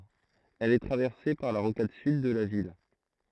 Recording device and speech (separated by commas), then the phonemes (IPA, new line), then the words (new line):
throat microphone, read sentence
ɛl ɛ tʁavɛʁse paʁ la ʁokad syd də la vil
Elle est traversée par la Rocade Sud de la ville.